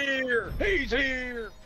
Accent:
deep country accent